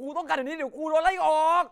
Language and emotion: Thai, angry